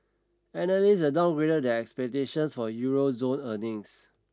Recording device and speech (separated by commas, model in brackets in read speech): standing microphone (AKG C214), read sentence